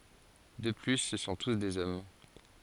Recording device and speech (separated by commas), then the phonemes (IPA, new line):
forehead accelerometer, read sentence
də ply sə sɔ̃ tus dez ɔm